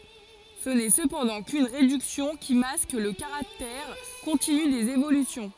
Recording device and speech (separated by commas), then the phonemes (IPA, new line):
forehead accelerometer, read sentence
sə nɛ səpɑ̃dɑ̃ kyn ʁedyksjɔ̃ ki mask lə kaʁaktɛʁ kɔ̃tiny dez evolysjɔ̃